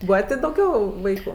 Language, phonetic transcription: Lithuanian, ˈbūva tė dauˈgiau ˈvaiku

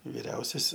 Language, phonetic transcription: Lithuanian, viˈriausias

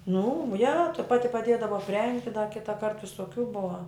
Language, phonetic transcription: Lithuanian, nu ja ta ˈpati paˈdėdava apˈrengti da ˈkitaˈkart visoˈkių ˈbuva

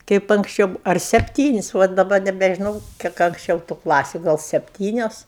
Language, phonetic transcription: Lithuanian, ˈkaip anksˈčiau ar sepˈtynis' ˈva daˈba nebežiˈnau ˈkiek anksˈčiau tu ˈklasiu ˈgal sepˈtynios

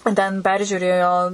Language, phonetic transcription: Lithuanian, ten ˈperžiūrėjo

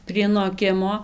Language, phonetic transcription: Lithuanian, prie noˈkimo

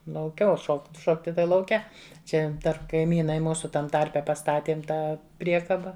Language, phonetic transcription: Lithuanian, lauˈke o ˈšokt ˈšokti tai lauˈke ˈčia ˈdar kaiˈmynai ˈmūsu ˈtam ˈtarpe pastaˈtiem ˈtą ˈpriekaba

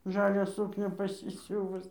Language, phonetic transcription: Lithuanian, ˈžalią ˈsūknią pasiˈsiūvus

